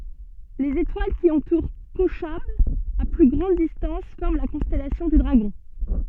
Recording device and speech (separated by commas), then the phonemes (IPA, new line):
soft in-ear microphone, read sentence
lez etwal ki ɑ̃tuʁ koʃab a ply ɡʁɑ̃d distɑ̃s fɔʁm la kɔ̃stɛlasjɔ̃ dy dʁaɡɔ̃